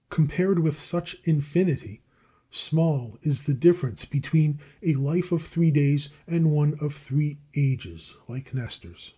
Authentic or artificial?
authentic